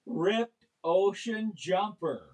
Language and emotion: English, disgusted